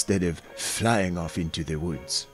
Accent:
French accent